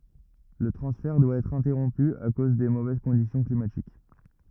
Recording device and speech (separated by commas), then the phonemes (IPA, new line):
rigid in-ear microphone, read sentence
lə tʁɑ̃sfɛʁ dwa ɛtʁ ɛ̃tɛʁɔ̃py a koz de movɛz kɔ̃disjɔ̃ klimatik